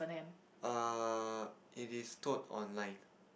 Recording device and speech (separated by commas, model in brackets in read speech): boundary microphone, conversation in the same room